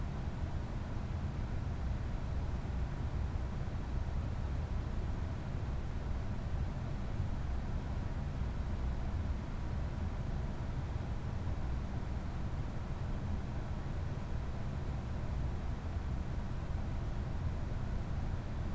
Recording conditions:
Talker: no one; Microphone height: 99 cm; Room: medium-sized (5.7 m by 4.0 m); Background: none

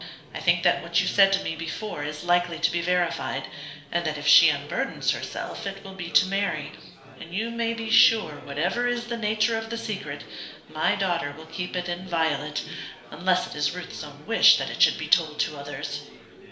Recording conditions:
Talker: one person; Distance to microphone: 1.0 m; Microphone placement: close; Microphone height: 1.1 m; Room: small (3.7 m by 2.7 m); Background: babble

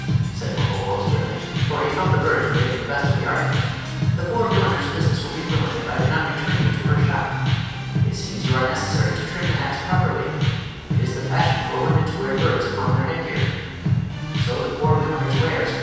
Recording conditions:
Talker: one person; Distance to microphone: 7.1 m; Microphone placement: far; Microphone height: 1.7 m; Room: very reverberant, large; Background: music

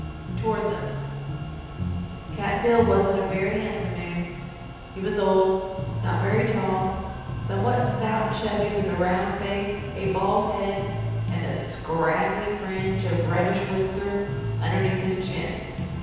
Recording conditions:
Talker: one person; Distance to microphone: 7.1 m; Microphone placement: far; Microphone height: 1.7 m; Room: very reverberant, large; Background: music

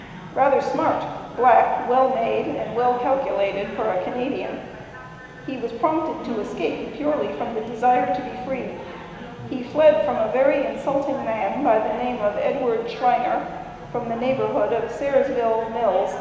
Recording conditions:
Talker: one person; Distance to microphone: 1.7 m; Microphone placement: close; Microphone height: 1.0 m; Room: very reverberant, large; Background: babble

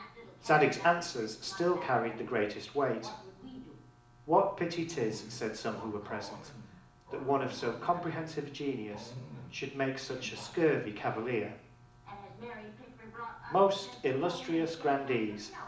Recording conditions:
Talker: one person; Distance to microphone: 2.0 m; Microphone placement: close; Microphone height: 99 cm; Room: medium-sized (5.7 m by 4.0 m); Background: television

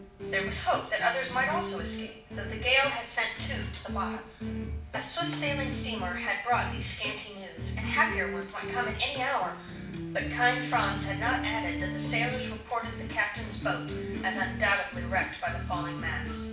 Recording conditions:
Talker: one person; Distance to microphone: 5.8 m; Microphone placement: far; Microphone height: 1.8 m; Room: medium-sized (5.7 m by 4.0 m); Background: music

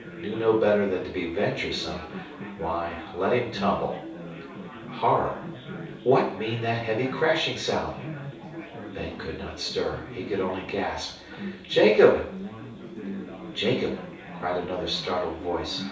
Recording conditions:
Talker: one person; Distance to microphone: 3.0 m; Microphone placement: far; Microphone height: 1.8 m; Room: small (3.7 m by 2.7 m); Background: babble

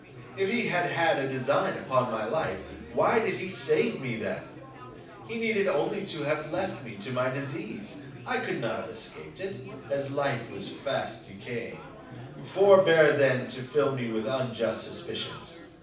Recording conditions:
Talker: one person; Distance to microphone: 5.8 m; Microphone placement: far; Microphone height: 1.8 m; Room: medium-sized (5.7 m by 4.0 m); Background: babble

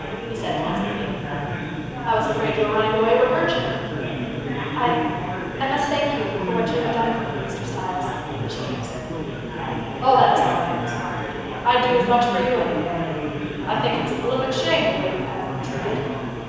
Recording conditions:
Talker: one person; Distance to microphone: 7.1 m; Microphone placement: far; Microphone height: 1.7 m; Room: very reverberant, large; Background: babble

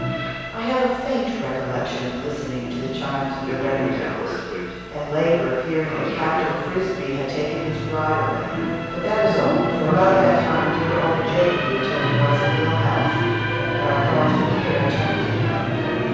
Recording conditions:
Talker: one person; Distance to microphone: 7.1 m; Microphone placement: far; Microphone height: 1.7 m; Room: very reverberant, large; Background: television

